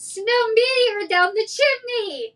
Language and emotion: English, happy